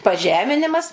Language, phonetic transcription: Lithuanian, paˈžeminimas

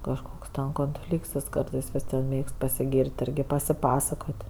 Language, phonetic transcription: Lithuanian, kažˈkoks konˈflykts jis ˈkartɜs viˈsiem ˈmėgst pasiˈgyr't' ˈirgi pasiˈpasakot'

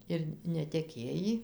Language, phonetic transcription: Lithuanian, ir neteˈkėjį

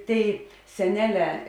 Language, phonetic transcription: Lithuanian, ˈtėi seˈneˌlē

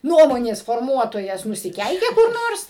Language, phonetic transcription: Lithuanian, ˈnuomonės forˈmuotojas nusiˈkeikė kur ˈnors

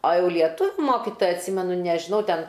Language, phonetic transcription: Lithuanian, o ˈjau lieˈtuviu ˈmokitoja atˈsimenu nežiˈnau ˈten

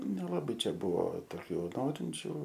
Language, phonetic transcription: Lithuanian, nelaˈbai ˈčia ˈbuvo toˈkių ˈnorinčių

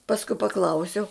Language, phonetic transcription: Lithuanian, pasˈkui paˈklausiau

